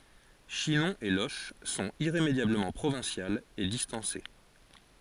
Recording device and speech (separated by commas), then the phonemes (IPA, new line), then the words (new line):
forehead accelerometer, read sentence
ʃinɔ̃ e loʃ sɔ̃t iʁemedjabləmɑ̃ pʁovɛ̃sjalz e distɑ̃se
Chinon et Loches sont irrémédiablement provinciales et distancées.